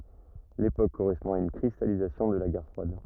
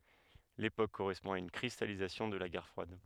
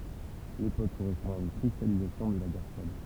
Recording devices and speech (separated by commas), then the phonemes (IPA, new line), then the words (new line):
rigid in-ear microphone, headset microphone, temple vibration pickup, read sentence
lepok koʁɛspɔ̃ a yn kʁistalizasjɔ̃ də la ɡɛʁ fʁwad
L’époque correspond à une cristallisation de la guerre froide.